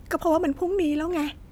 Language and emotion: Thai, frustrated